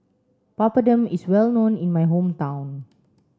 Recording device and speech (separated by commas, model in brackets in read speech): standing microphone (AKG C214), read sentence